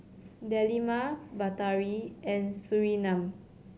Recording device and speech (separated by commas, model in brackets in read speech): mobile phone (Samsung C7100), read sentence